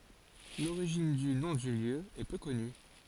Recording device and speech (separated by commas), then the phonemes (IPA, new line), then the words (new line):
forehead accelerometer, read sentence
loʁiʒin dy nɔ̃ dy ljø ɛ pø kɔny
L'origine du nom du lieu est peu connue.